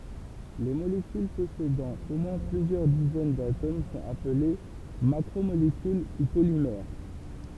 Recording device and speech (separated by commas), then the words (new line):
temple vibration pickup, read sentence
Les molécules possédant au moins plusieurs dizaines d'atomes sont appelées macromolécules ou polymères.